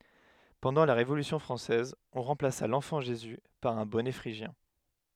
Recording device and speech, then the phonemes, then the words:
headset microphone, read sentence
pɑ̃dɑ̃ la ʁevolysjɔ̃ fʁɑ̃sɛz ɔ̃ ʁɑ̃plasa lɑ̃fɑ̃ ʒezy paʁ œ̃ bɔnɛ fʁiʒjɛ̃
Pendant la Révolution française, on remplaça l’enfant Jésus par un bonnet phrygien.

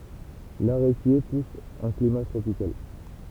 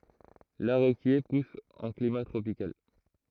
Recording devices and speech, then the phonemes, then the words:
temple vibration pickup, throat microphone, read sentence
laʁekje pus ɑ̃ klima tʁopikal
L'aréquier pousse en climat tropical.

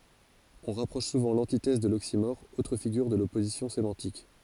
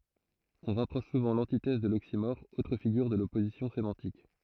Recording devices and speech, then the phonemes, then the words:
forehead accelerometer, throat microphone, read sentence
ɔ̃ ʁapʁɔʃ suvɑ̃ lɑ̃titɛz də loksimɔʁ otʁ fiɡyʁ də lɔpozisjɔ̃ semɑ̃tik
On rapproche souvent l'antithèse de l'oxymore, autre figure de l'opposition sémantique.

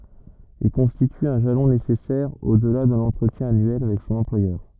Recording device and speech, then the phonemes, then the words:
rigid in-ear microphone, read sentence
il kɔ̃stity œ̃ ʒalɔ̃ nesɛsɛʁ odla də lɑ̃tʁətjɛ̃ anyɛl avɛk sɔ̃n ɑ̃plwajœʁ
Il constitue un jalon nécessaire au-delà de l'entretien annuel avec son employeur.

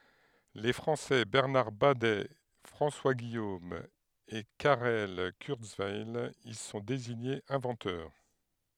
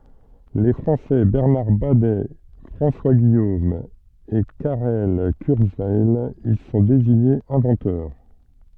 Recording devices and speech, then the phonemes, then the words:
headset microphone, soft in-ear microphone, read sentence
le fʁɑ̃sɛ bɛʁnaʁ badɛ fʁɑ̃swa ɡijom e kaʁɛl kyʁzwɛj i sɔ̃ deziɲez ɛ̃vɑ̃tœʁ
Les Français Bernard Badet, François Guillaume et Karel Kurzweil y sont désignés inventeurs.

